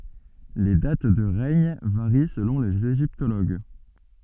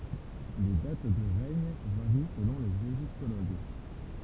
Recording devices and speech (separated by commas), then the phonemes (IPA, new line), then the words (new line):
soft in-ear microphone, temple vibration pickup, read sentence
le dat də ʁɛɲ vaʁi səlɔ̃ lez eʒiptoloɡ
Les dates de règne varient selon les égyptologues.